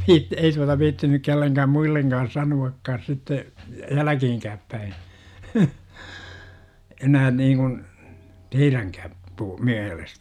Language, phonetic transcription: Finnish, 'viiᵗ- , 'ei tuata viitti nyk 'kelleŋkääm 'muilleŋGaan̬ "sanu₍akkaas sitte , "jäläkiiŋkääp päi , 'enää niiŋkun , "teiräŋkääp , puu- , 'miälestä .
- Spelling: - ei tuota viitsi nyt kenellekään muillekaan sanoakaan sitten jälkeenkään päin enää niin kuin teidänkään - mielestä

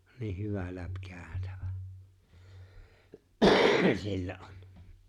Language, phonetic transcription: Finnish, nih 'hyvä 'läp'käätävä , 'sillä ’on .
- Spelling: niin hyvä läpikäytävä sillä on

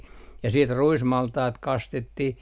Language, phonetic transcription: Finnish, ja siit "ruismaltaat 'kastettih ,.
- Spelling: ja sitten ruismaltaat kastettiin

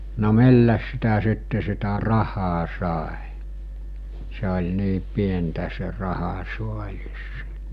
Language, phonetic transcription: Finnish, no 'milläs sitä sitte sitä ''rahaa 'sàe , se oĺ 'nii 'pientä se 'rahasuaĺis .
- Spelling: no millä sitä sitten sitä rahaa sai se oli niin pientä se rahasaalis

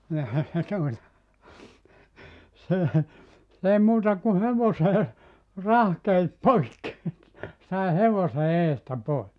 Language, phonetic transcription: Finnish, ni ehä se tuota , 'se , 's ‿èi 'muuta ku "hevosee , "rahkeit "poikki , sai 'hevose 'eestä 'pois .
- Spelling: niin eihän se tuota se se ei muuta kuin hevoseen rahkeet poikki sai hevosen edestä pois

